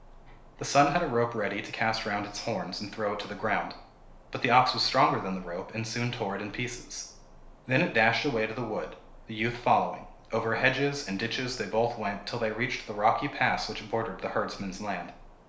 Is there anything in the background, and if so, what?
Nothing.